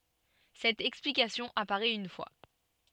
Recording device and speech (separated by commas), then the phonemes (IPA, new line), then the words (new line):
soft in-ear microphone, read sentence
sɛt ɛksplikasjɔ̃ apaʁɛt yn fwa
Cette explication apparait une fois.